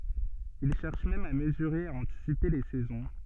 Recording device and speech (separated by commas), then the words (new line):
soft in-ear microphone, read sentence
Il cherche même à mesurer et à anticiper les saisons.